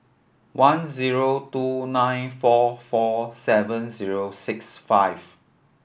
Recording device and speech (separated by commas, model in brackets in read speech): boundary microphone (BM630), read sentence